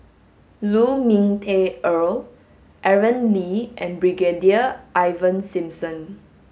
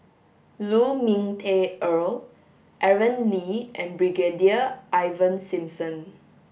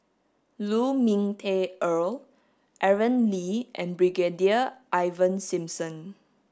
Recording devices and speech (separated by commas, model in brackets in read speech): mobile phone (Samsung S8), boundary microphone (BM630), standing microphone (AKG C214), read sentence